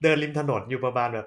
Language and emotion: Thai, neutral